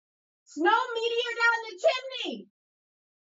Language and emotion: English, neutral